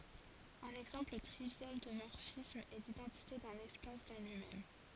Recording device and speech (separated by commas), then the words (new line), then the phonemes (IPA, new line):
forehead accelerometer, read sentence
Un exemple trivial de morphisme est l'identité d'un espace dans lui-même.
œ̃n ɛɡzɑ̃pl tʁivjal də mɔʁfism ɛ lidɑ̃tite dœ̃n ɛspas dɑ̃ lyi mɛm